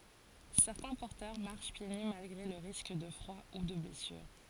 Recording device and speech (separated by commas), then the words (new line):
forehead accelerometer, read sentence
Certains porteurs marchent pieds nus malgré le risque de froid ou de blessure.